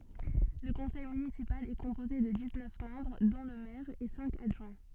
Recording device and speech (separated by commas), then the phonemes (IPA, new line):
soft in-ear microphone, read sentence
lə kɔ̃sɛj mynisipal ɛ kɔ̃poze də diz nœf mɑ̃bʁ dɔ̃ lə mɛʁ e sɛ̃k adʒwɛ̃